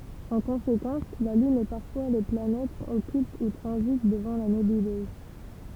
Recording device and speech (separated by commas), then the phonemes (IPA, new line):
temple vibration pickup, read sentence
ɑ̃ kɔ̃sekɑ̃s la lyn e paʁfwa le planɛtz ɔkylt u tʁɑ̃zit dəvɑ̃ la nebyløz